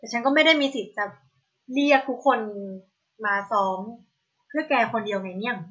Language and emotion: Thai, frustrated